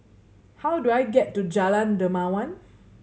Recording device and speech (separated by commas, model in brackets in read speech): mobile phone (Samsung C7100), read sentence